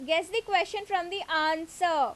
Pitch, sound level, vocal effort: 360 Hz, 92 dB SPL, very loud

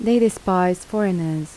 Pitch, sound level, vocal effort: 185 Hz, 79 dB SPL, soft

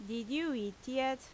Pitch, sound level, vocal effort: 260 Hz, 85 dB SPL, loud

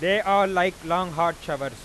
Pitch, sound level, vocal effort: 175 Hz, 101 dB SPL, very loud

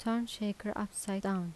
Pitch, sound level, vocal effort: 210 Hz, 79 dB SPL, soft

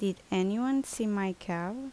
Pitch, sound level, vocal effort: 195 Hz, 78 dB SPL, normal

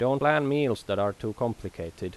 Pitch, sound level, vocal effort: 110 Hz, 86 dB SPL, loud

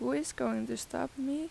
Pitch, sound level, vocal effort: 265 Hz, 84 dB SPL, soft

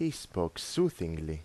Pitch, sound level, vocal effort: 90 Hz, 84 dB SPL, normal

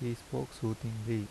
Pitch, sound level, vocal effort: 115 Hz, 76 dB SPL, soft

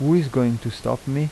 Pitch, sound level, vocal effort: 135 Hz, 82 dB SPL, normal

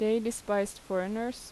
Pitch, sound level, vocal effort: 215 Hz, 84 dB SPL, normal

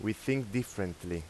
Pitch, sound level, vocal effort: 110 Hz, 86 dB SPL, normal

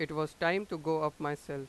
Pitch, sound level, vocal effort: 155 Hz, 94 dB SPL, loud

